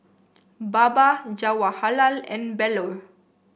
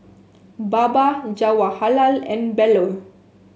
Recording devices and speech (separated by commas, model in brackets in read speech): boundary microphone (BM630), mobile phone (Samsung S8), read sentence